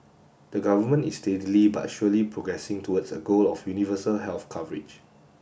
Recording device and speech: boundary microphone (BM630), read sentence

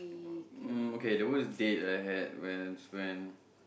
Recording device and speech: boundary microphone, conversation in the same room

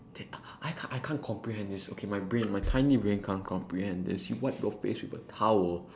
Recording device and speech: standing microphone, conversation in separate rooms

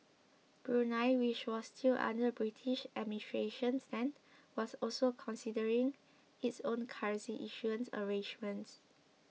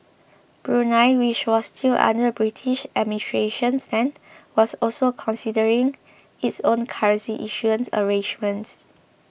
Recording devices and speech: mobile phone (iPhone 6), boundary microphone (BM630), read sentence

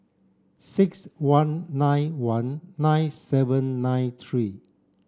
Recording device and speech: standing microphone (AKG C214), read sentence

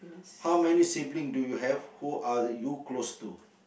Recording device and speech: boundary microphone, conversation in the same room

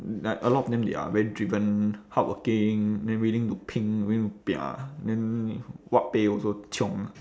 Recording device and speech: standing microphone, conversation in separate rooms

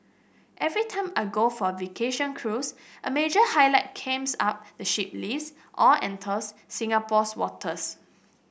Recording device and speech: boundary microphone (BM630), read sentence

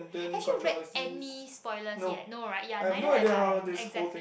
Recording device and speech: boundary microphone, conversation in the same room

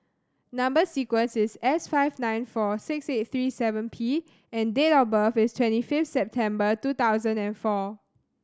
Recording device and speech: standing microphone (AKG C214), read sentence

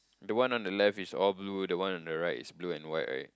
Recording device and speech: close-talking microphone, conversation in the same room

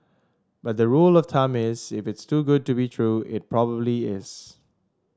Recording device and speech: standing microphone (AKG C214), read sentence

